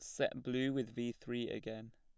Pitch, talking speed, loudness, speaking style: 120 Hz, 205 wpm, -40 LUFS, plain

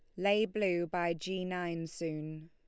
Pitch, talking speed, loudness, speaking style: 175 Hz, 160 wpm, -35 LUFS, Lombard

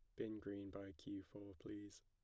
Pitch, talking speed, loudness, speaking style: 100 Hz, 195 wpm, -52 LUFS, plain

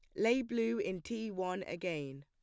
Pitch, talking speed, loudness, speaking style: 185 Hz, 175 wpm, -36 LUFS, plain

